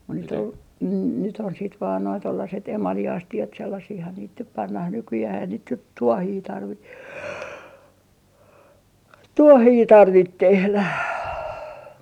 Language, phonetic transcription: Finnish, mun nyt ‿o , nyt ‿on siit vaan noi tollaset 'emali₍asti₍at sellasihhan niit nyp "pannah 'nykyjäh ei sit nyt "tuohii 'tarvi , "tuohii 'tarvit 'tehlä .
- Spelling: mutta nyt on nyt on sitten vain nuo tuollaiset emaliastiat sellaisiahan niitä nyt pannaan nykyään ei sitten nyt tuohia tarvitse tuohia tarvitse tehdä

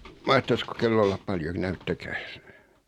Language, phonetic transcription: Finnish, 'mahtasko "kello ollap 'paljon "näyttäkääs ?
- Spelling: mahtaisiko kello olla paljon näyttäkääs

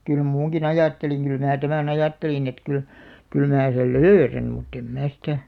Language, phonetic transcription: Finnish, kyl 'muuŋki"n ‿ajàtteliŋ kyl 'mää tämä"n ‿ajàttelin et 'kyl , 'kyl mää sel "löörän̳§ mutt ‿em 'mää sitä ,.
- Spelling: kyllä uinunkin ajattelin kyllä minä tämän ajattelin että kyllä kyllä minä sen löydän mutta en minä sitä

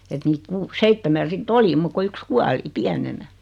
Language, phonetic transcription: Finnish, et niit 'kuu- "seittemän̬ 'sit"t ‿oli muk ko 'yks "kuali , "piänenä .
- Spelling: että niitä - seitsemän sitten oli muuta kuin yksi kuoli pienenä

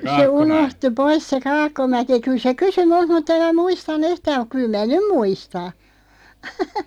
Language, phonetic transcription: Finnish, se 'unohtu "pois se "Kaakkomäki 'kyl se "kysy 'mult 'mutᵗ ‿em mä 'muistan̆nu "yhtää muᵏ 'kyl 'mää "nym 'muista .
- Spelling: se unohtui pois se Kaakkomäki kyllä se kysyi minulta mutta en minä muistanut yhtään mutta kyllä minä nyt muistan

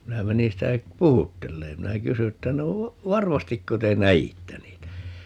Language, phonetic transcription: Finnish, 'minä 'menin̬ 'sitä , "puhuttelleem - 'minä "kysy että » 'no , "varmastikko te "nä₍ittä 'niitä » ?
- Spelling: minä menin sitä puhuttelemaan minä kysyin että no varmastiko te näitte niitä

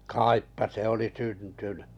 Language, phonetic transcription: Finnish, 'kàippa se oli 'syntynʏ .
- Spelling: kaipa se oli syntynyt

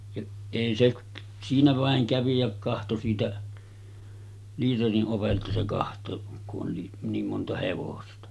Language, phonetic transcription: Finnish, ja èi se ‿k- , siinä vàeŋ 'kävi jä 'kahto siitä , 'liiteri’ ’ovelta se kaht̀òek ku’ ’on ni , 'niim monta 'hevosta .
- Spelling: ja ei se - siinä vain kävi ja katsoi siitä liiterin ovelta se katsoi kun on niin niin monta hevosta

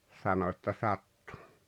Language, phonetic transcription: Finnish, 'sano että » "sattu « .
- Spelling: sanoi että sattui

